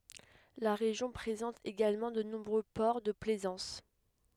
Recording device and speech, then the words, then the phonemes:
headset microphone, read sentence
La région présente également de nombreux ports de plaisance.
la ʁeʒjɔ̃ pʁezɑ̃t eɡalmɑ̃ də nɔ̃bʁø pɔʁ də plɛzɑ̃s

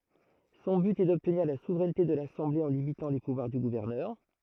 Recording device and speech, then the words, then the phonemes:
throat microphone, read sentence
Son but est d'obtenir la souveraineté de l'Assemblée en limitant les pouvoirs du gouverneur.
sɔ̃ byt ɛ dɔbtniʁ la suvʁɛnte də lasɑ̃ble ɑ̃ limitɑ̃ le puvwaʁ dy ɡuvɛʁnœʁ

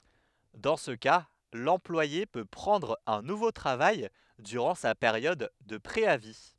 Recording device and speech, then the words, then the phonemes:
headset microphone, read sentence
Dans ce cas, l'employé peut prendre un nouveau travail durant sa période de préavis.
dɑ̃ sə ka lɑ̃plwaje pø pʁɑ̃dʁ œ̃ nuvo tʁavaj dyʁɑ̃ sa peʁjɔd də pʁeavi

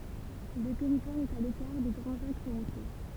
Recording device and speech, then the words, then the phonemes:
temple vibration pickup, read sentence
Le territoire est à l'écart des grands axes routiers.
lə tɛʁitwaʁ ɛt a lekaʁ de ɡʁɑ̃z aks ʁutje

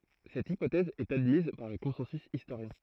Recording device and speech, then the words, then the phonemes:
throat microphone, read sentence
Cette hypothèse est admise par le consensus historien.
sɛt ipotɛz ɛt admiz paʁ lə kɔ̃sɑ̃sy istoʁjɛ̃

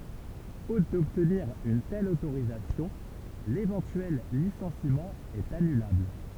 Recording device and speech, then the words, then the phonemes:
temple vibration pickup, read sentence
Faute d'obtenir une telle autorisation, l'éventuel licenciement est annulable.
fot dɔbtniʁ yn tɛl otoʁizasjɔ̃ levɑ̃tyɛl lisɑ̃simɑ̃ ɛt anylabl

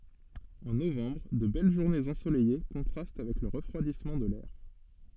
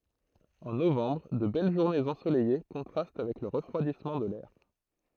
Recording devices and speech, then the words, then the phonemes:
soft in-ear microphone, throat microphone, read sentence
En novembre, de belles journées ensoleillées contrastent avec le refroidissement de l’air.
ɑ̃ novɑ̃bʁ də bɛl ʒuʁnez ɑ̃solɛje kɔ̃tʁast avɛk lə ʁəfʁwadismɑ̃ də lɛʁ

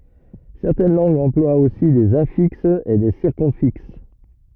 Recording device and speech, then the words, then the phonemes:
rigid in-ear microphone, read sentence
Certaines langues emploient aussi des infixes et des circumfixes.
sɛʁtɛn lɑ̃ɡz ɑ̃plwat osi dez ɛ̃fiksz e de siʁkymfiks

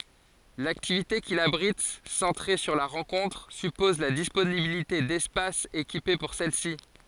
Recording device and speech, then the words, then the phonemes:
forehead accelerometer, read sentence
L'activité qu'il abrite, centrée sur la rencontre, suppose la disponibilité d'espaces équipés pour celle-ci.
laktivite kil abʁit sɑ̃tʁe syʁ la ʁɑ̃kɔ̃tʁ sypɔz la disponibilite dɛspasz ekipe puʁ sɛl si

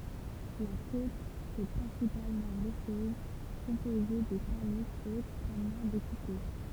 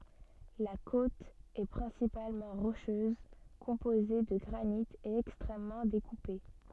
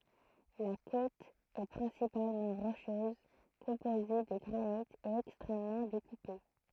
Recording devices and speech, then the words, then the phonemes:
temple vibration pickup, soft in-ear microphone, throat microphone, read sentence
La côte est principalement rocheuse, composée de granite et extrêmement découpée.
la kot ɛ pʁɛ̃sipalmɑ̃ ʁoʃøz kɔ̃poze də ɡʁanit e ɛkstʁɛmmɑ̃ dekupe

